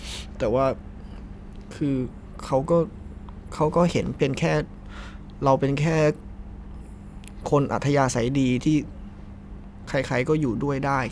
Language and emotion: Thai, sad